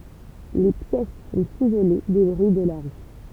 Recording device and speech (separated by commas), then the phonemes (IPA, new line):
temple vibration pickup, read sentence
le pjɛs sɔ̃t izole de bʁyi də la ʁy